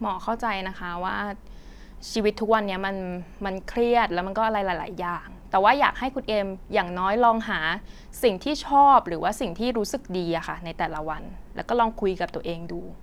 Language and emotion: Thai, neutral